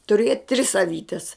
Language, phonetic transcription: Lithuanian, tuˈriet tris aˈvytes

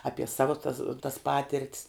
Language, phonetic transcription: Lithuanian, ˈapie ˈsavu tas tas ˈpatirt's

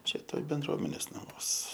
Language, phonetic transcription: Lithuanian, ˈčia ˈtoj benˈdruomenės naˈmuos

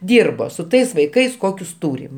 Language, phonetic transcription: Lithuanian, ˈdyrbo su ˈtais vaiˈkais ˈkokius ˈtūrim

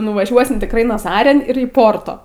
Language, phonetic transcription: Lithuanian, nuvaˈžiuosim tikˈrai naˈzarin ir į ˈporto

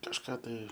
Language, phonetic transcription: Lithuanian, kažˈką tai

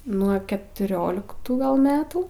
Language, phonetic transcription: Lithuanian, nuo ketuˈrioliktų gal ˈmetų

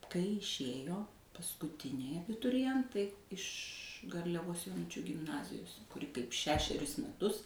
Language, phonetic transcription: Lithuanian, kai išˈėjo paskuˈtiniai abituriˈjentai iš garliaˈvos joˈnučių gimˈnazijos kuˈri kaip ˈšešerius meˈtus

